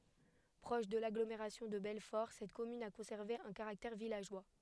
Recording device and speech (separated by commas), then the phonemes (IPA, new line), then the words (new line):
headset microphone, read sentence
pʁɔʃ də laɡlomeʁasjɔ̃ də bɛlfɔʁ sɛt kɔmyn a kɔ̃sɛʁve œ̃ kaʁaktɛʁ vilaʒwa
Proche de l'agglomération de Belfort, cette commune a conservé un caractère villageois.